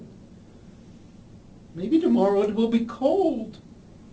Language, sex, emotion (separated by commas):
English, male, fearful